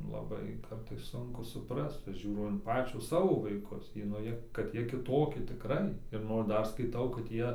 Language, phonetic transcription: Lithuanian, laˈbai ˈkartais ˈsunku suˈprast ˈžiūrau in ˈpačio ˈsavo vaiˈkus ˈjie nu jie kad ˈjie kiˈtoki tiˈkrai ir ˈnor ˈdar skaiˈtau kad ˈjie

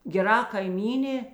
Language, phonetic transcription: Lithuanian, geˈra kaiˈmynė

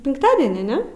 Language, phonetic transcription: Lithuanian, pinkˈtadenį ˈne

